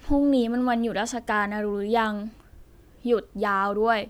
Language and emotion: Thai, frustrated